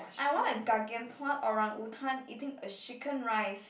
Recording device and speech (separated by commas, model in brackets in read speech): boundary microphone, conversation in the same room